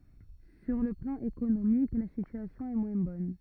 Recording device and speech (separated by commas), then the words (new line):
rigid in-ear microphone, read sentence
Sur le plan économique, la situation est moins bonne.